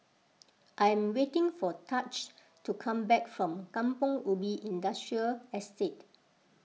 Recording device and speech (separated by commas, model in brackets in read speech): mobile phone (iPhone 6), read sentence